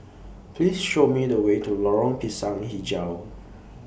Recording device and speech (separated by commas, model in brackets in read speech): boundary microphone (BM630), read sentence